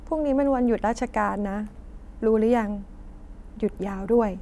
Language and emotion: Thai, neutral